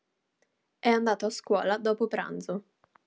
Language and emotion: Italian, neutral